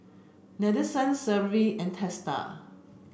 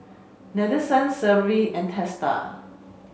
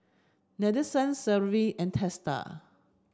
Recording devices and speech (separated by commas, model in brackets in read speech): boundary microphone (BM630), mobile phone (Samsung C5), standing microphone (AKG C214), read sentence